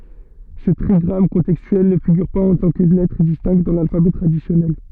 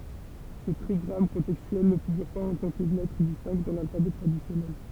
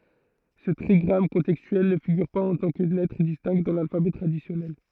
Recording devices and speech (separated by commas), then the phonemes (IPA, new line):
soft in-ear microphone, temple vibration pickup, throat microphone, read sentence
sə tʁiɡʁam kɔ̃tɛkstyɛl nə fiɡyʁ paz ɑ̃ tɑ̃ kə lɛtʁ distɛ̃kt dɑ̃ lalfabɛ tʁadisjɔnɛl